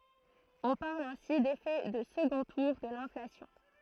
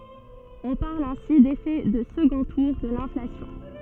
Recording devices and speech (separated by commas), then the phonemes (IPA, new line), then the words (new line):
throat microphone, soft in-ear microphone, read sentence
ɔ̃ paʁl ɛ̃si defɛ də səɡɔ̃ tuʁ də lɛ̃flasjɔ̃
On parle ainsi d'effet de second tour de l'inflation.